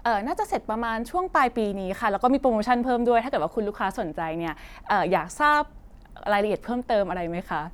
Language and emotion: Thai, happy